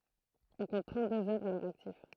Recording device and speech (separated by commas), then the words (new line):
throat microphone, read sentence
On compte trente-deux œuvres à leur actif.